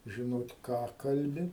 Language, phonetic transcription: Lithuanian, žiˈnot ˈką ˈkalbi

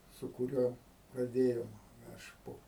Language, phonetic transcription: Lithuanian, su kuˈriuo praˈdėjom aš ˈpo

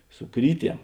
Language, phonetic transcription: Lithuanian, su ˈkryˌtiem

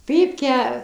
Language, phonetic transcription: Lithuanian, ˈpypkę

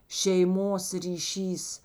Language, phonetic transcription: Lithuanian, šeiˈmos ryˈšys

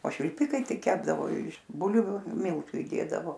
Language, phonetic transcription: Lithuanian, o švilˈpikai ˈtai ˈkepdavo iš ˈbulviu ˈmiltu iˈdėdavo

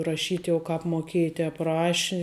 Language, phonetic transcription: Lithuanian, raˈšyt jau ˈkāp moˈkėji ˈtēp ˈraši

